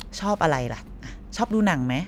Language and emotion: Thai, happy